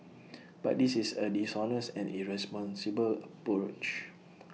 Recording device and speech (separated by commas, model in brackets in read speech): mobile phone (iPhone 6), read sentence